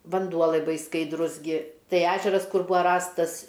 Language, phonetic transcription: Lithuanian, vanˈduo laiˈbai skaidˈrus ˈgi ˈtai ˈežeras ˈkur ˈbūa ˈrastas

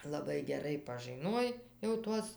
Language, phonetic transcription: Lithuanian, laˈbai geˈrai pažɨˈnuoj jau ˈtuos

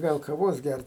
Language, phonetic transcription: Lithuanian, ˈgal kaˈvos ˈgært

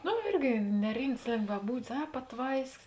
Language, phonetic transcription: Lithuanian, ˈnu ˈirgi neˈrimts lėngvaˈbūdis ˈa paˈtvaiskis

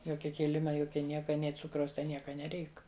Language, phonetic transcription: Lithuanian, ˈjokia ˈkėlima ˈjokia ˈnieka ˈnė ˈcukraus ˈten ˈnieka neˈreik

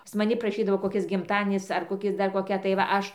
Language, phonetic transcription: Lithuanian, pas maˈni praˈšydavo koˈkis gimˈtadienis ar koˈkis dar koˈkia tai va ˈaš

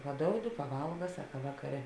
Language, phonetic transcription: Lithuanian, paˈdoudi paˈvalga ˈsaka ˈvakaˌre

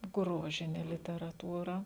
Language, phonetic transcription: Lithuanian, ˈgrožine literaˈtūra

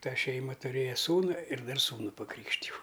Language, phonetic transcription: Lithuanian, ˈta ˈšeima tuˈrėja ˈsūnu ir ˈdar ˈsūnu paˈkrykštijau

